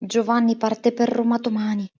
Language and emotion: Italian, fearful